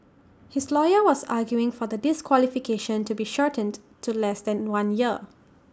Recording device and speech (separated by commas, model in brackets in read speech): standing microphone (AKG C214), read sentence